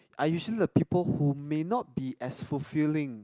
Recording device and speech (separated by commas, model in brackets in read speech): close-talking microphone, conversation in the same room